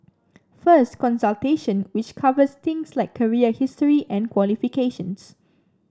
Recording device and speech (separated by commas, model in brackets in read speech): standing microphone (AKG C214), read sentence